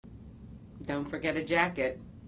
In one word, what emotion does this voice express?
neutral